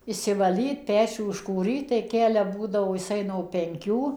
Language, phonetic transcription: Lithuanian, išsivaˈlyt ˈpečių iškūˈryt tai ˈkelia ˈbūdavo jiˈsai no penˈkių

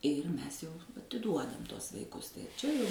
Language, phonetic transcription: Lithuanian, ir ˈmes jau atiˈduodam ˈtuos vaiˈkus tai ˈčia jau

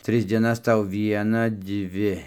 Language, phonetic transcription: Lithuanian, ˈtris dieˈnas ˈtau ˈvieną ˈdvi

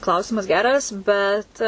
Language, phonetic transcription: Lithuanian, ˈklausimas ˈgeras bet

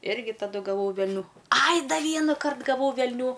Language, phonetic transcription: Lithuanian, ˈirgi taˈdu gaˈvau velˈnių ˈaj ˈda ˈvienakart gaˈvau velˈnių

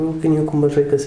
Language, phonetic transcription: Lithuanian, ˈūkinykų maˈžai kas

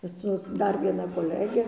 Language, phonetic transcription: Lithuanian, ˈsus ˈdar vieˈna koˈlege

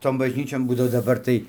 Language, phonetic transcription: Lithuanian, ˈton bažˈnyčion ˈbūdavo daˈbar tai

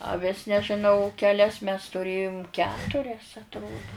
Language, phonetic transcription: Lithuanian, aˈvis nežiˈnau keˈlias mes tuˈrėjum ˈketurias atˈrodu

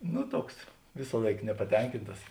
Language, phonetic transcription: Lithuanian, ˈnu ˈtuoks ˈvisąlaik nepaˈtenkintas

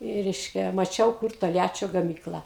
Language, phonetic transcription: Lithuanian, i ˈreiškia maˈčiau kur tolˈjačio gaˈmykla

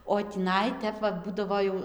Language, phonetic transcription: Lithuanian, o tįˈnai ˈtep va ˈbūdavo jau

